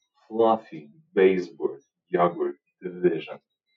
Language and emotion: English, disgusted